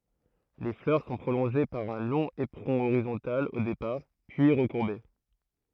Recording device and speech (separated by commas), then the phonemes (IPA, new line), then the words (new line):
throat microphone, read sentence
le flœʁ sɔ̃ pʁolɔ̃ʒe paʁ œ̃ lɔ̃ epʁɔ̃ oʁizɔ̃tal o depaʁ pyi ʁəkuʁbe
Les fleurs sont prolongées par un long éperon horizontal au départ, puis recourbé.